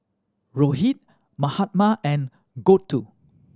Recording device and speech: standing microphone (AKG C214), read sentence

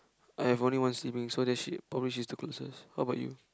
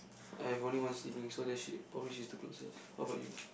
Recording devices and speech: close-talking microphone, boundary microphone, conversation in the same room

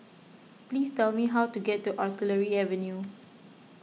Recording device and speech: mobile phone (iPhone 6), read sentence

